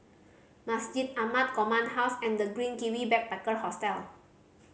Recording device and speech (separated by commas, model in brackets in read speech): mobile phone (Samsung C5010), read sentence